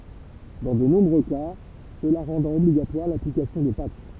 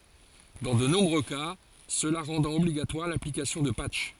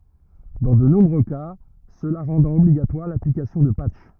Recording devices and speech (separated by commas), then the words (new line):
temple vibration pickup, forehead accelerometer, rigid in-ear microphone, read sentence
Dans de nombreux cas, cela rendant obligatoire l'application de patchs.